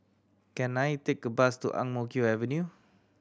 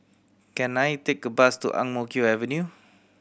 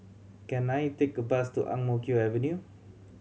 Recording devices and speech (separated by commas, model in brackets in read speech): standing microphone (AKG C214), boundary microphone (BM630), mobile phone (Samsung C7100), read sentence